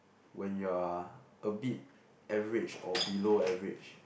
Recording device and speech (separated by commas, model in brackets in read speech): boundary microphone, conversation in the same room